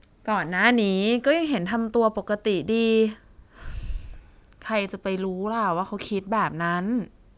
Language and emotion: Thai, sad